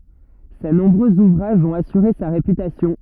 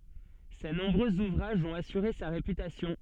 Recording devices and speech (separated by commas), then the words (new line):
rigid in-ear microphone, soft in-ear microphone, read sentence
Ses nombreux ouvrages ont assuré sa réputation.